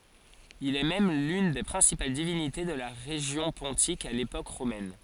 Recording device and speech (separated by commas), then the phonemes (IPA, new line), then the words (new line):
forehead accelerometer, read sentence
il ɛ mɛm lyn de pʁɛ̃sipal divinite də la ʁeʒjɔ̃ pɔ̃tik a lepok ʁomɛn
Il est même l'une des principales divinités de la région pontique à l'époque romaine.